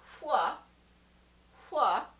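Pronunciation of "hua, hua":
The sound, said twice, is the voiceless wh sound.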